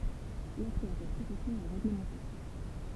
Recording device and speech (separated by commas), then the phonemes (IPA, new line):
temple vibration pickup, read sentence
laksɛ a sɛt pʁofɛsjɔ̃ ɛ ʁeɡləmɑ̃te